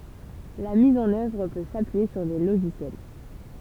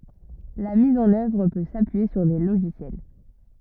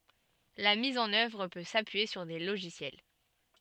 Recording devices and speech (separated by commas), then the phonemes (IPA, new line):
temple vibration pickup, rigid in-ear microphone, soft in-ear microphone, read sentence
la miz ɑ̃n œvʁ pø sapyije syʁ de loʒisjɛl